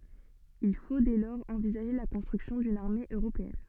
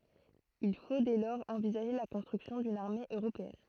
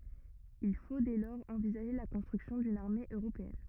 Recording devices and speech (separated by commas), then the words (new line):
soft in-ear microphone, throat microphone, rigid in-ear microphone, read sentence
Il faut dès lors envisager la construction d’une armée européenne.